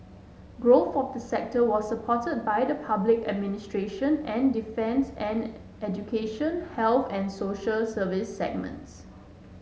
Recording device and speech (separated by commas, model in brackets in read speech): mobile phone (Samsung S8), read sentence